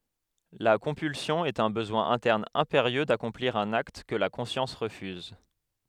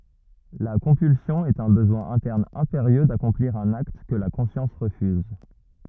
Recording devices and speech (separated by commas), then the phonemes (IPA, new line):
headset microphone, rigid in-ear microphone, read sentence
la kɔ̃pylsjɔ̃ ɛt œ̃ bəzwɛ̃ ɛ̃tɛʁn ɛ̃peʁjø dakɔ̃pliʁ œ̃n akt kə la kɔ̃sjɑ̃s ʁəfyz